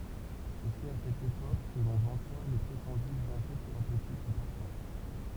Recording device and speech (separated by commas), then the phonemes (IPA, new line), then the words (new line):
temple vibration pickup, read sentence
e sɛt a sɛt epok kə lɔ̃ vɑ̃ta le pʁetɑ̃dy bjɛ̃fɛ teʁapøtik dy paʁfœ̃
Et c’est à cette époque que l’on vanta les prétendus bienfaits thérapeutiques du parfum.